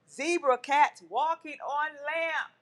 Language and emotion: English, angry